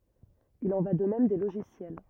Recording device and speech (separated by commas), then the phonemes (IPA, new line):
rigid in-ear microphone, read sentence
il ɑ̃ va də mɛm de loʒisjɛl